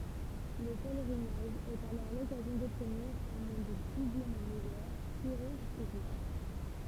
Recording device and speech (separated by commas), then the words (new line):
temple vibration pickup, read sentence
Le pèlerinage est alors l'occasion d'obtenir un monde doublement meilleur, plus riche et juste.